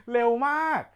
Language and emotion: Thai, happy